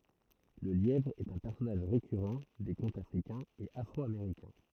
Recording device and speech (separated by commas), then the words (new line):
throat microphone, read sentence
Le lièvre est un personnage récurrent des contes africains et afro-américains.